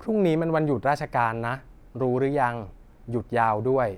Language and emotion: Thai, neutral